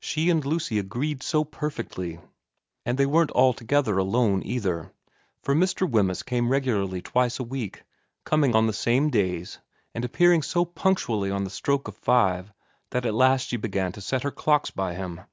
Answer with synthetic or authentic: authentic